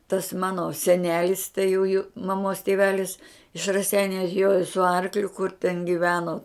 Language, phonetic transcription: Lithuanian, tas ˈmano seˈnelis tai jų jų maˈmos tėˈvelis iš raˈseiniu atˈjojo su ˈarkliu kur ten giˈveno

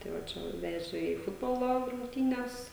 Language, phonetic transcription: Lithuanian, ˈtai va ˈčia va ˈveže į ˈfutbolo rungˈtynes

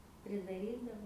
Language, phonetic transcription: Lithuanian, pridaˈrydavo

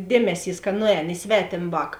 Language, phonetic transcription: Lithuanian, ˈdėmeˌsys ka ˈnuˌēn i ˈsvetėm ˈvāk

